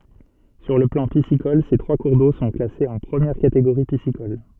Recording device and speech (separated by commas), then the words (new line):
soft in-ear microphone, read sentence
Sur le plan piscicole, ces trois cours d'eau sont classés en première catégorie piscicole.